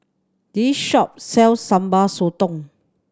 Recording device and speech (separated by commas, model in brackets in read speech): standing microphone (AKG C214), read sentence